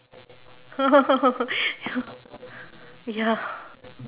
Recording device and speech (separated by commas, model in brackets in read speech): telephone, conversation in separate rooms